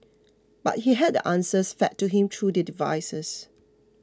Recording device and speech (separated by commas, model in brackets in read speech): close-talking microphone (WH20), read sentence